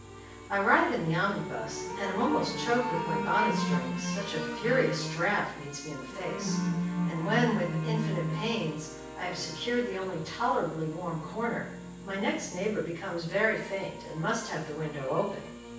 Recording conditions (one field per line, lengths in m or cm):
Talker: one person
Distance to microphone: 9.8 m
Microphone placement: far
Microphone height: 1.8 m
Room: large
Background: music